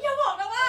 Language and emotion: Thai, happy